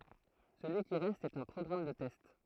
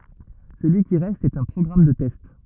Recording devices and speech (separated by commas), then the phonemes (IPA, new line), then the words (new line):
throat microphone, rigid in-ear microphone, read sentence
səlyi ki ʁɛst ɛt œ̃ pʁɔɡʁam də tɛst
Celui qui reste est un programme de test.